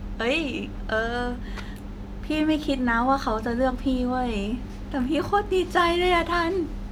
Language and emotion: Thai, happy